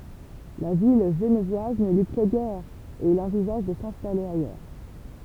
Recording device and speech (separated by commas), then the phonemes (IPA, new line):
temple vibration pickup, read sentence
la vi ʒənvwaz nə lyi plɛ ɡɛʁ e il ɑ̃vizaʒ də sɛ̃stale ajœʁ